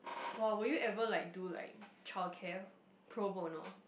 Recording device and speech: boundary microphone, conversation in the same room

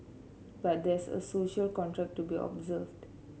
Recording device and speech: mobile phone (Samsung C7), read sentence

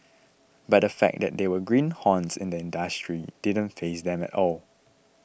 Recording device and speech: boundary microphone (BM630), read sentence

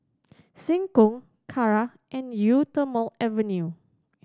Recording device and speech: standing microphone (AKG C214), read sentence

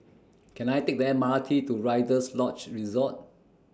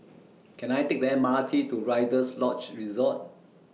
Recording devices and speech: standing microphone (AKG C214), mobile phone (iPhone 6), read sentence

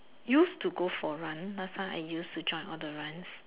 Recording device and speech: telephone, conversation in separate rooms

